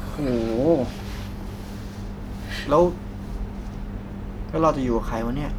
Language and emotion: Thai, frustrated